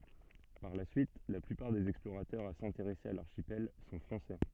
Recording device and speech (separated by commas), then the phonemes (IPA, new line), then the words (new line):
soft in-ear microphone, read sentence
paʁ la syit la plypaʁ dez ɛksploʁatœʁz a sɛ̃teʁɛse a laʁʃipɛl sɔ̃ fʁɑ̃sɛ
Par la suite, la plupart des explorateurs à s'intéresser à l'archipel sont français.